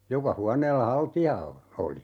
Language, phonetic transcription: Finnish, 'joka 'huaneella "halti₍a o , 'oli .
- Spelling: joka huoneella haltia on oli

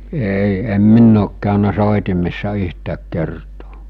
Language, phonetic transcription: Finnish, 'ei , em "minn ‿ook kä̀önä "sòitimessa 'yhtääk 'kertoo .
- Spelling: ei en minä ole käynyt soitimessa yhtään kertaa

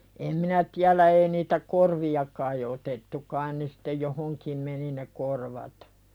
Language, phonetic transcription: Finnish, em 'minä tiälä ei niitä "korvi₍a kai otettu kain ne sᴵtte 'johoŋkim meni ne "korvat .
- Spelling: en minä tiedä ei niitä korvia kai otettu kai ne sitten johonkin meni ne korvat

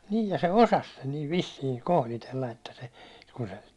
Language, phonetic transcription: Finnish, 'nii ja se "osas sen niiv "vissiiŋ 'kohlitella että se , ku se ,.
- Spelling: niin ja se osasi sen niin vissiin kohditella että se kun se

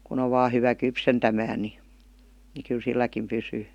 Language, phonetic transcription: Finnish, kun ‿o vaa 'hyvä "kypsentämää ni , ni kyl 'silläkim 'pysyy .
- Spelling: kun on vain hyvä kypsentämään niin niin kyllä silläkin pysyy

